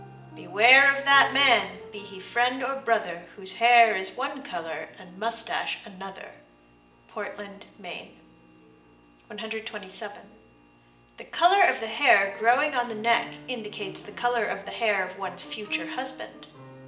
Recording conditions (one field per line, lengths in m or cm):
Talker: one person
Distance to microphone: 1.8 m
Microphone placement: close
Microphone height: 1.0 m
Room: large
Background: music